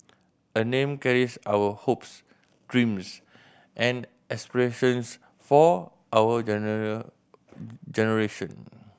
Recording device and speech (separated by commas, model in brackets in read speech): boundary microphone (BM630), read sentence